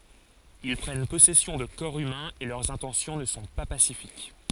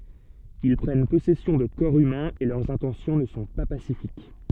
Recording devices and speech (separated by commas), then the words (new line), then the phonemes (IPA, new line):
forehead accelerometer, soft in-ear microphone, read sentence
Ils prennent possession de corps humains et leurs intentions ne sont pas pacifiques.
il pʁɛn pɔsɛsjɔ̃ də kɔʁ ymɛ̃z e lœʁz ɛ̃tɑ̃sjɔ̃ nə sɔ̃ pa pasifik